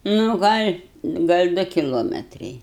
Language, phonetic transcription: Lithuanian, ˈnu ˈgal' ˈgal' ˈdu kiˈlometrai

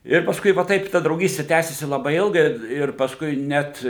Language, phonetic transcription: Lithuanian, ˈir pasˈkui va ˈtaip ta drauˈgysti ˈtęsisi laˈbai ˈilgai ir pasˈkui ˈnet

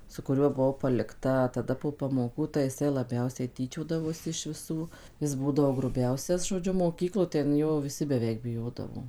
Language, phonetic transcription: Lithuanian, su kuˈriuo buˈvau palikˈta taˈda po pamoˈkų tai jiˈsai laˈbiausiai tyˈčiodavosi iš viˈsų ˈjis ˈbūdavo gruˈbiausias žoˈdžiu moˈkyklo ten ˈjo viˈsi beˈveik biˈjodavo

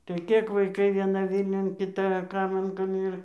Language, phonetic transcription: Lithuanian, tai ˈkėk vaiˈkai vieˈna ˈvylniun kiˈta ˈkaiman kam ˈir

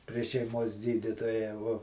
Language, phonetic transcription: Lithuanian, prie šeiˈmos ˈgydytoja vuo

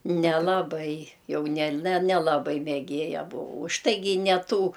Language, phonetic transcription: Lithuanian, nelaˈbai ˈjau nel' ne nelaˈbai meˈgėja buˈvau už ˈtaigi i ne ˈtų

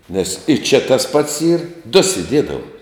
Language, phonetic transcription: Lithuanian, nes i ˈčia tas ˈpats ˈyr du siˈdiedava

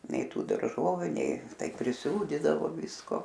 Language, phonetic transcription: Lithuanian, ˈnei ˈtų darˈžoviu ˈnei ˈtai priˈsūdidavo ˈvisko

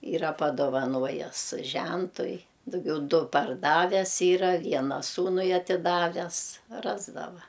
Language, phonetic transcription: Lithuanian, ˈyra padovaˈnojes ˈžentui duˈgiau ˈdu parˈdaves ˈyra ˈviena ˈsūnui atiˈdaves ˈrasdava

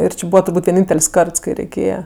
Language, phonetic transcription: Lithuanian, ir ˈči ˈbūva turˈbūt' vieˈnyntel's' ˈkarts kai reiˈkėja

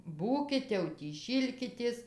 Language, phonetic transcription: Lithuanian, ˈbūkit jau tį ˈšylkitės

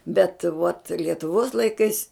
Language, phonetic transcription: Lithuanian, bet vuot lietuˈvuos laiˈkais

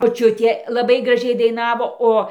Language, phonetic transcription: Lithuanian, moˈčiutė laˈbai graˈžiai daiˈnavo ˈo

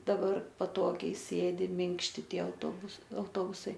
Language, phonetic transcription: Lithuanian, daˈbar paˈtogiai ˈsėdi ˈminkšti ˈtie autoˈbus auˈtobusai

